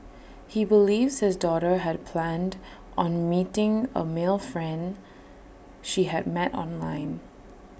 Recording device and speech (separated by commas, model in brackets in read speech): boundary microphone (BM630), read sentence